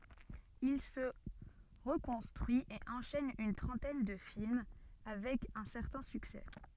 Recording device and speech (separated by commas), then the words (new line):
soft in-ear microphone, read sentence
Il se reconstruit et enchaîne une trentaine de films avec un certain succès.